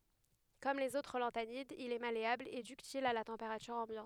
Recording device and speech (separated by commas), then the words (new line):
headset microphone, read sentence
Comme les autres lanthanides, il est malléable et ductile à la température ambiante.